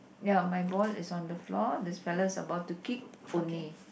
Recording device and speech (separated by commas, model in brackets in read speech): boundary microphone, conversation in the same room